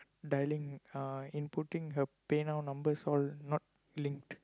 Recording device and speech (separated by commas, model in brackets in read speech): close-talking microphone, conversation in the same room